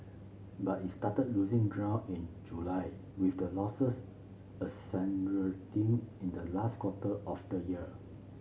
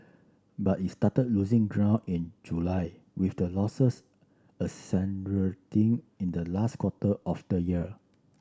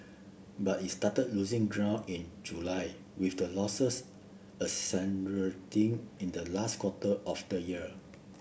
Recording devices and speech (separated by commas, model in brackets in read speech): mobile phone (Samsung C7), standing microphone (AKG C214), boundary microphone (BM630), read sentence